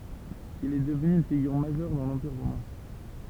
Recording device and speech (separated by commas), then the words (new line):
temple vibration pickup, read sentence
Il est devenu une figure majeure dans l'Empire romain.